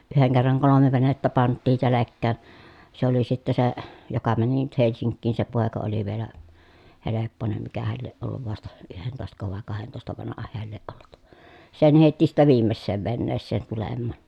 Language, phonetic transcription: Finnish, yheŋ kerraŋ kolome venettä panttii selekkään̬ , se ‿oli sitte se , joka mäni nyt Helsiŋkkiin se pòeka oli vielä , helepponem mikähäl lieʼ ʼolluv vasta , yhentòestako vàe kahentòesta vanaha heäl lieʼ ʼollut , sen hèitti sittä viimmesseev venneesseen tulemmàn .
- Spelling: yhden kerran kolme venettä pantiin selkään se oli sitten se joka meni nyt Helsinkiin se poika oli vielä helppoinen mikähän lie ollut vasta yhdentoistako vai kahdentoista vanha hän lie ollut sen heitti sitten viimeiseen veneeseen tulemaan

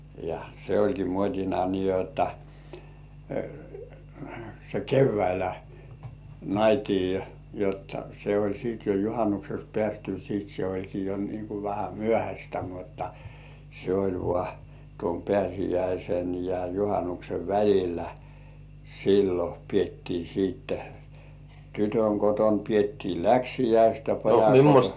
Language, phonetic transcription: Finnish, ja 'se "oĺki muot́ina nii jotta , se "kevväilä , "naitii , jotta se oĺ siit jo "juhanukseks 'pĕä̀styy siit se oĺki jo nii ku 'vähä "myöhäśtä mutta , se oĺ vŏà , tuom "pĕä̀sijäisen ja 'juhanuksev "väl̜illä , sillo piettii siitte , 'tytöŋ koton piettii "läksijäist ja pojaŋ koton - - .
- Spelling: ja se olikin muotina niin jotta se keväisin naitiin jotta se oli sitten jo juhannukseksi päästyä sitten se olikin jo niin kuin vähän myöhäistä mutta se oli vain tuon pääsiäisen ja juhannuksen välillä silloin pidettiin sitten tytön kotona pidettiin läksiäiset ja pojan kotona

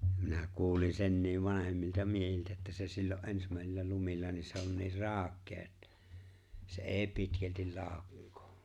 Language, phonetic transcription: Finnish, minä 'kuulin 'senniiv 'vanahemmilta 'miehiltä että se 'sillo’ '’ensmä̀esillä 'lumilla ni se on niir "raaᵒk̆kee että , se '’e̬e̬ⁱ 'pitkältil "laaᵒkkᴏᴏ .
- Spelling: minä kuulin senkin vanhemmilta miehiltä että se silloin ensimmäisillä lumilla niin se on niin raukea että se ei pitkälti laukkaa

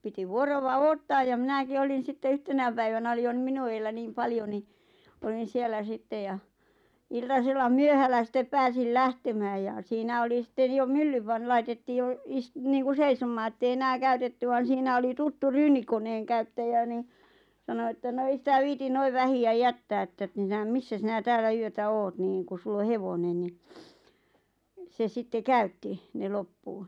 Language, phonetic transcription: Finnish, 'piti "vuorova 'oottaaj ja 'mⁱnäki 'olin̬ 'sitte "yhtenä päivänä 'oli jo ⁿⁱ 'minu eellä 'niim "paljo ni , olin̬ 'siellä 'sittej ja , 'iltasella "myöhällä sittep 'pääsil "lähtemääj ja 'siinä oli 'sⁱtten jo "myllyv van- 'laitettii 'jo , istniiŋku "seisom̆maa ettei 'enää "käytetty van̬ 'siinä oli 'tuttu "ryynikoǹeeŋkäyttäjä ni , 'sano että » no 'ei sitä viitin 'noiv "vähi₍ä "jättää 'että t- , "missä 'sinä "täälä 'yötä "oot niiŋ ku 'sull ‿o "hevonen ni « , se 'sitte "käytti , 'ne "loppuu .
- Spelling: piti vuoroa odottaa ja minäkin olin sitten yhtenä päivänä oli jo niin minun edellä niin paljon niin olin siellä sitten ja iltasella myöhällä sitten pääsin lähtemään ja siinä oli sitten jo myllyn - laitettiin jo niin kuin seisomaan että ei enää käytetty vaan siinä oli tuttu ryynikoneenkäyttäjä niin sanoi että no ei sitä viitsi noin vähän jättää että - missä sinä täällä yötä olet niin kun sinulla on hevonen niin se sitten käytti ne loppuun

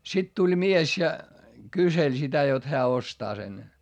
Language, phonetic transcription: Finnish, sit tuĺ mies ja , kyseĺ sitä jot heä ostaa sen .
- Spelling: sitten tuli mies ja kyseli sitä jotta hän ostaa sen

